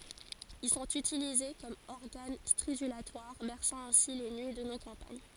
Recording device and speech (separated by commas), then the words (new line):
forehead accelerometer, read sentence
Ils sont utilisés comme organes stridulatoires, berçant ainsi les nuits de nos campagnes.